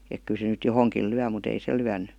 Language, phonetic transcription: Finnish, ek ky se nyt "johoŋkiil̆ 'lyä mut ‿"ei se 'lyän̆ny .
- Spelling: että kyllä se nyt johonkin lyö mutta ei se lyönyt

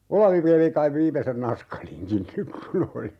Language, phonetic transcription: Finnish, "Olavi 'vei (ne) kaiv 'viimesen "naskaliŋkin nyk ku'n ‿oli .
- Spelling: Olavi vei ne kai viimeisen naskalinkin nyt kun oli

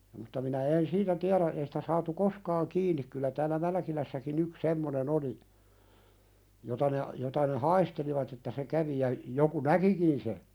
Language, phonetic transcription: Finnish, mutta minä en "siitä tiäðä , ei sɪtä saatu "koskaaŋ 'kiiǹik kyllä täälä 'Mälᵃ̈kilässäkin ‿yks "semmonen ‿oli , jota ne , jota ne "haistelivat että se 'kävi ja , joku "näkikin se .
- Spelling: mutta minä en siitä tiedä ei sitä saatu koskaan kiinni kyllä täällä Mälkilässäkin yksi semmoinen oli jota ne jota ne haistelivat että se kävi ja joku näkikin se

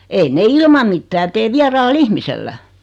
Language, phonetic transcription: Finnish, 'ein ne 'ilmam mittää 'tee "viaraal"l ‿ihmisellä .
- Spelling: ei ne ilman mitään tee vieraalla ihmisellä

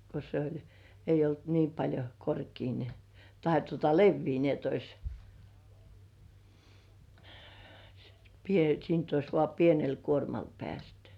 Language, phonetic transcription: Finnish, ko se ‿oĺ , eij̆j ‿olt 'nii paĺjo 'korkii ni , 'tahe tuota "levvii ni ‿et ‿ois , pie- , siint ‿ois vŏà "pienel 'kuormal pĕä̀stʏ .
- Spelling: kun se oli ei ollut niin paljon korkea niin tai tuota leveä niin että olisi - siitä olisi vain pienellä kuormalla päästy

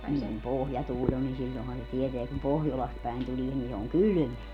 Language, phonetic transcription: Finnish, niiŋ kum "pohjatuuĺ ‿on nin 'siĺĺohan se 'tieteä kum "pohjolast päi̮n 'tulie ni se oŋ "kylʸmeä .
- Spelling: niin kun pohjatuuli on niin silloinhan se tietää kun pohjolasta päin tulee niin se on kylmää

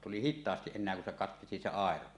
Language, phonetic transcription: Finnish, tuli "hit̆taastiˀ 'ˀen̆neä kun se 'katkesi se 'àero .
- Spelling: tuli hitaasti enää kun se katkesi se airo

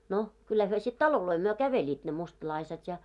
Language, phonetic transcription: Finnish, no , kyllä hyö sit "taloloi myö 'käveĺiit ne 'mustlaiset ja .
- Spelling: no kyllä he sitten taloja myöten kävelivät ne mustalaiset ja

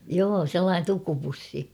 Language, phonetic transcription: Finnish, 'joo "sellaan[en] 'tukupussi .
- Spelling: joo sellainen tukupussi

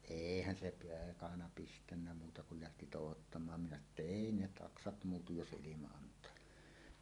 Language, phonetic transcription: Finnish, èihän 'se 'peekana "pistännä muuta kul lähti "tòuhottam̆maam minä sano ‿tta » "èi ne "taksat 'muutuj 'jos 'ˀilima ant̀aa « ni .
- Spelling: eihän se peekana pistänyt muuta kun lähti touhottamaan minä sanoin jotta ei ne taksat muutu jos ilman antaa niin

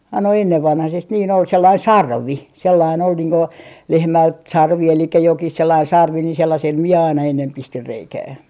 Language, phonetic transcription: Finnish, ai no 'ennevvanhasest niin ‿ol 'sellain "sarvi , 'sellain ‿ol niiŋ ko , 'lehmält "sarvi elikkä 'jokih 'sellain 'sarvi ni sellasel 'mie aina ennem 'pistir 'reikää .
- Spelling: ai no ennenvanhaisesti niin oli sellainen sarvi sellainen oli niin kuin lehmältä sarvi eli jokin sellainen sarvi niin sellaisella minä aina ennen pistin reikää

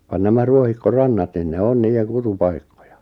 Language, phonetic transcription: Finnish, van nämä 'ruohikko'rannat nin ne 'on 'niijeŋ 'kutu'paikkᴏᴊᴀ .
- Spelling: vaan nämä ruohikkorannat niin ne on niiden kutupaikkoja

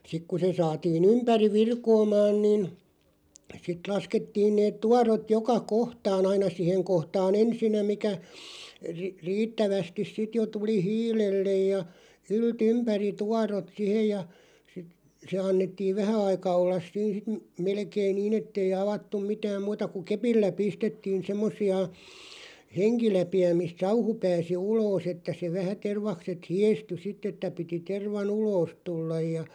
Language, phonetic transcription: Finnish, 'sik ku se 'saatii"n ‿ympäriᵛ "virkoomaan nin , sit 'laskettiin neet 'tuarot "joka 'kohtaan ‿aina "siheŋ 'kohtaa"n ‿ensinnä mikä , ri- "riittävästis sit jo 'tuli "hiilellej ja , 'yl"t ‿ympäri 'tuarot 'sihej ja , (sit) , se 'annettiin̬ "vähä aika 'ollas 'siin̬ sit ᴍ- 'melkeiⁿ "niin ‿ettei 'avattuᵐ "mitääm 'muuta ku "kepillä 'pistettiin 'semmos̆si₍a , "heŋki'läpi₍ä mist "sauhu 'pääsi "uloos että se 'vähä 'tervakset "hièsty 'sit̆t ‿että piti 'terva"n ‿uloos 'tullaj ja ,.
- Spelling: sitten kun se saatiin ympäri virkoamaan niin sitten laskettiin ne tuorot joka kohtaan aina siihen kohtaan ensinnä mikä - riittävästi sitten jo tuli hiilelle ja ylt ympäri tuorot siihen ja sitten se annettiin vähän aika olla siinä sitten - melkein niin että ei avattu mitään muuta kuin kepillä pistettiin semmoisia henkiläpiä mistä sauhu pääsi ulos että se vähän tervakset hiestyi sitten että piti tervan ulos tulla ja

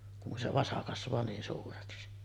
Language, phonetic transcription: Finnish, kun se 'vasa kasv̀aa 'niin suureksi .
- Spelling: kun se vasa kasvaa niin suureksi

